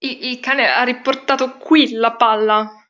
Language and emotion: Italian, fearful